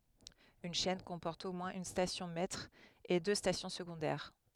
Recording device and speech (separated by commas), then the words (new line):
headset microphone, read sentence
Une chaîne comporte au moins une station maître et deux stations secondaires.